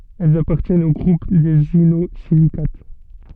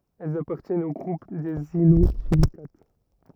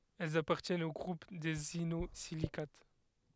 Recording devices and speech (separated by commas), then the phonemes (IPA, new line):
soft in-ear microphone, rigid in-ear microphone, headset microphone, read sentence
ɛlz apaʁtjɛnt o ɡʁup dez inozilikat